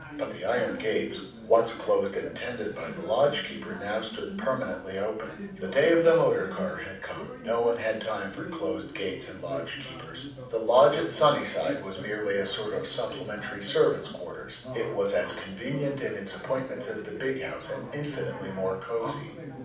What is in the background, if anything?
A television.